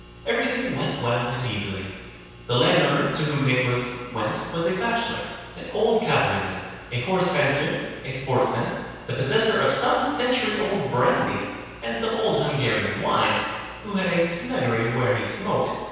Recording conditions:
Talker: one person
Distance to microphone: 7.1 m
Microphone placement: far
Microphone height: 1.7 m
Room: very reverberant, large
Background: none

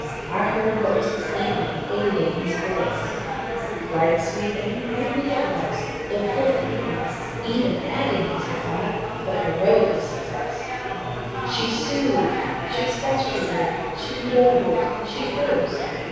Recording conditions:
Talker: one person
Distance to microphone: 7.1 m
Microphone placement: far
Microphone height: 1.7 m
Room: very reverberant, large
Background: babble

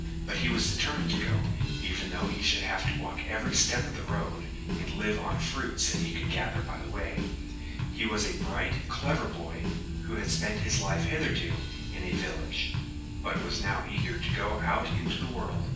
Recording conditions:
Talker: one person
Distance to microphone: 9.8 m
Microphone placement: far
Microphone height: 1.8 m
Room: large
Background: music

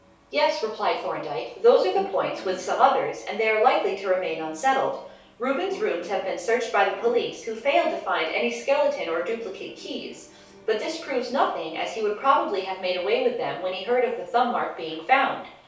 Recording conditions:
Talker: one person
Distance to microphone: 3.0 m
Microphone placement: far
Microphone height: 1.8 m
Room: small (3.7 m by 2.7 m)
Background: television

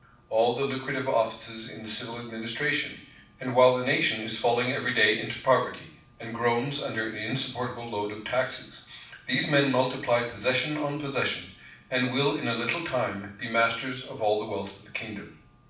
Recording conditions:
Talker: one person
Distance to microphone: 5.8 m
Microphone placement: far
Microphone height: 1.8 m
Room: medium-sized (5.7 m by 4.0 m)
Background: none

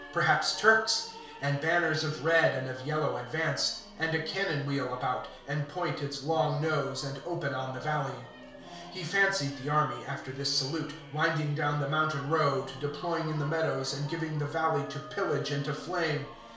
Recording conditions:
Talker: one person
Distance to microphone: 1.0 m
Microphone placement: close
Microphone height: 1.1 m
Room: small (3.7 m by 2.7 m)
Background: music

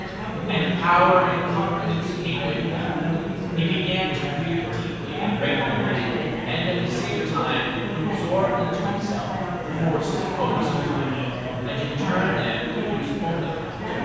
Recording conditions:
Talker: one person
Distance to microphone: 7.1 m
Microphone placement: far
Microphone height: 1.7 m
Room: very reverberant, large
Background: babble

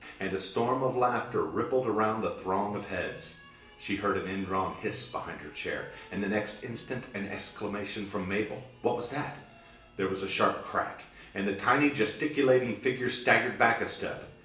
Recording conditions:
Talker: one person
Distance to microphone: 1.8 m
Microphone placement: close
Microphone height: 1.0 m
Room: large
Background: television

